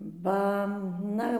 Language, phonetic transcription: Lithuanian, ˈba ˈna

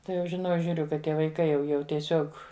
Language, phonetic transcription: Lithuanian, ˈtai jau žiˈnau žiūˈriu kad ˈtie vaiˈkai jau ˈjau tieˈsiog

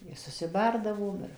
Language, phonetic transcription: Lithuanian, ir susiˈbardavom ˈir

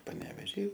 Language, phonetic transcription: Lithuanian, paneveˈžy

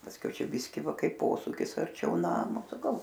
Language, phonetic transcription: Lithuanian, pasˈkiau ˈčia ˈbiski ˈva ˈkaip ˈposūkis arˈčiau ˈnamo saˈkau

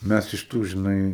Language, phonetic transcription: Lithuanian, ˈmæs iš ˈtų žiˈnai

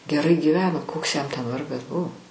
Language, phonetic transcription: Lithuanian, geˈrai gyˈveno ˈkoks jam ten ˈvargas ˈbu

